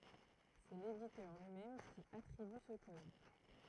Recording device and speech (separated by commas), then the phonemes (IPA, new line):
throat microphone, read sentence
sɛ leditœʁ lyi mɛm ki atʁiby sə kɔd